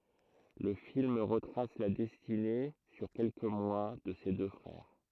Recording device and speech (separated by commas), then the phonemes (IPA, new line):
throat microphone, read sentence
lə film ʁətʁas la dɛstine syʁ kɛlkə mwa də se dø fʁɛʁ